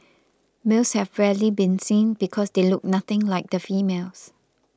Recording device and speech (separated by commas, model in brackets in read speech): close-talking microphone (WH20), read sentence